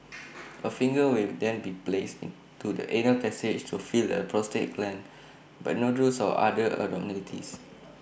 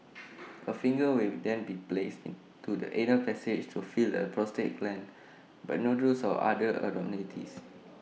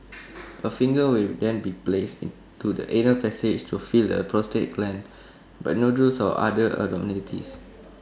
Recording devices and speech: boundary microphone (BM630), mobile phone (iPhone 6), standing microphone (AKG C214), read sentence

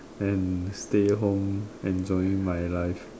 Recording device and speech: standing microphone, conversation in separate rooms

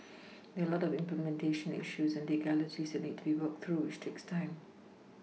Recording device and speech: mobile phone (iPhone 6), read sentence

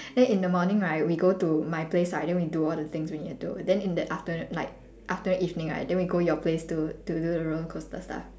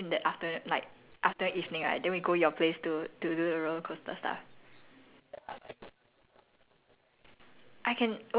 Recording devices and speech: standing microphone, telephone, conversation in separate rooms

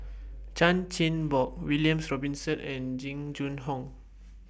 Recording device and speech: boundary microphone (BM630), read sentence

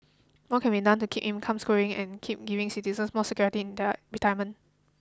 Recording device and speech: close-talking microphone (WH20), read sentence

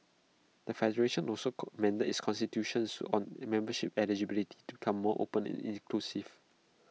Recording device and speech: mobile phone (iPhone 6), read sentence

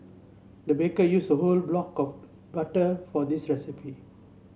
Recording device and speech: mobile phone (Samsung C7), read sentence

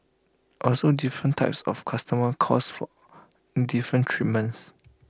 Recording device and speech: close-talking microphone (WH20), read sentence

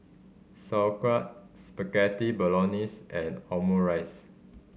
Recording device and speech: mobile phone (Samsung C5010), read sentence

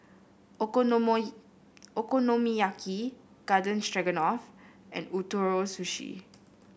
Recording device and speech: boundary microphone (BM630), read sentence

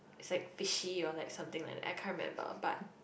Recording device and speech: boundary microphone, conversation in the same room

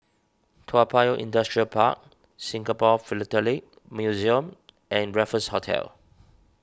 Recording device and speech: standing microphone (AKG C214), read sentence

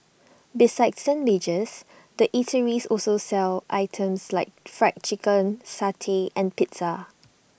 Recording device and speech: boundary microphone (BM630), read sentence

